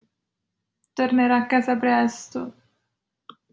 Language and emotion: Italian, sad